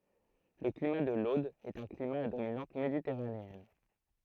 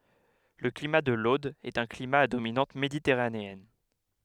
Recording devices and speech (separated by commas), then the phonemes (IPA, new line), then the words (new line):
throat microphone, headset microphone, read sentence
lə klima də lod ɛt œ̃ klima a dominɑ̃t meditɛʁaneɛn
Le climat de l’Aude est un climat à dominante méditerranéenne.